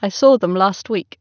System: none